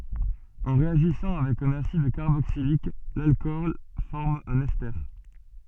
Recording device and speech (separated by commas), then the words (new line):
soft in-ear microphone, read sentence
En réagissant avec un acide carboxylique, l'alcool forme un ester.